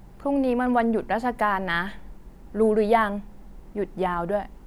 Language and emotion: Thai, frustrated